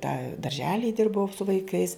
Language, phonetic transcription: Lithuanian, tą darželij ˈdirbau su vaiˈkais

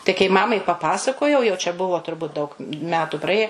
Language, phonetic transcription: Lithuanian, tai kai ˈmamai paˈpasakojau jau čia ˈbuvo turˈbut daug ˈmetu praˈėje

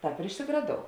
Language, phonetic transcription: Lithuanian, ˈtāp ir išsigraˈdou

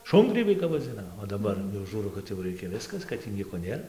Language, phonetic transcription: Lithuanian, ˈšungrybiai kap vaˈdzina o daˈbar jau ˈžūrau kad jau ˈreikia ˈviskas kad tį ˈnieko ˈnėr

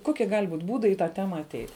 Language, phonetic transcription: Lithuanian, ˈkokie gal' būt' ˈbūdai į tą ˈtema aˈteit'

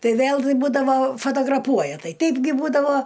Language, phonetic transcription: Lithuanian, ˈtai ˈvėl ˈbūdavo fotograˈpuoja ˈtai ˈteipgi ˈbūdavo

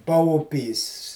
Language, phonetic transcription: Lithuanian, pauˈpys

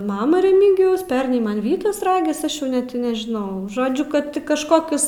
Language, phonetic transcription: Lithuanian, ˈmama reˈmygijaus ˈpernai ˈman ˈvytas ˈragis ˈaš ˈjau ˈnet i nežiˈnau ˈžodžiu ˈkad kažˈkokius

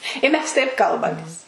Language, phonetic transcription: Lithuanian, i ˈmes taip ˈkalbamės

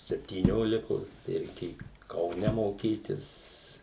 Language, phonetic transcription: Lithuanian, septyˈniolikos tai reiˈkėju kauˈne moˈkytis

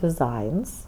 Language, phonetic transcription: Lithuanian, diˈzains

